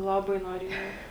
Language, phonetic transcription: Lithuanian, ˈlaˌbai noˈriejau

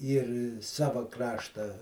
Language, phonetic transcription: Lithuanian, ˈyr ˈsava ˈkrašta

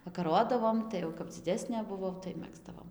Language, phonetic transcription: Lithuanian, vakaˈrodavom ˌtai jau kap dziˈdesnė buˈvau tai ˈmegzdavom

